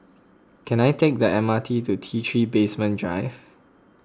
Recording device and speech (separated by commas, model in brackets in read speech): close-talking microphone (WH20), read sentence